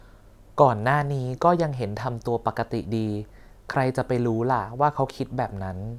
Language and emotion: Thai, neutral